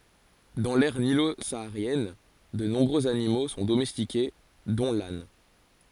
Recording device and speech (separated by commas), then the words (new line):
forehead accelerometer, read sentence
Dans l'aire nilo-saharienne, de nombreux animaux sont domestiqués, dont l'âne.